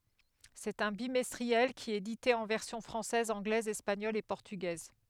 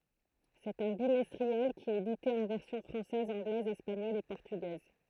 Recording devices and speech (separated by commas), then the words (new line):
headset microphone, throat microphone, read sentence
C'est un bimestriel, qui est édité en versions française, anglaise, espagnole et portugaise.